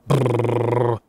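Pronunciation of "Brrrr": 'Brrrr' is a bilabial trill: the lips putter, as if the speaker is cold.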